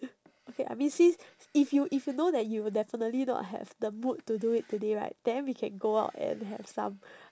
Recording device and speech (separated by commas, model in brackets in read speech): standing microphone, conversation in separate rooms